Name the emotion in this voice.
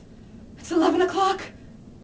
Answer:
fearful